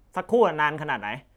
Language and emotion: Thai, angry